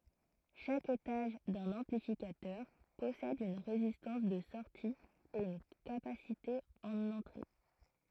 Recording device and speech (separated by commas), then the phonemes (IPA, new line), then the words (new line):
throat microphone, read sentence
ʃak etaʒ dœ̃n ɑ̃plifikatœʁ pɔsɛd yn ʁezistɑ̃s də sɔʁti e yn kapasite ɑ̃n ɑ̃tʁe
Chaque étage d'un amplificateur possède une résistance de sortie et une capacité en entrée.